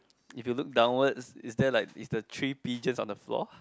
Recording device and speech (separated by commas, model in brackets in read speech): close-talking microphone, conversation in the same room